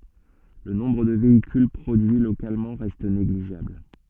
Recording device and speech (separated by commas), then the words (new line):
soft in-ear microphone, read sentence
Le nombre de véhicules produits localement reste négligeable.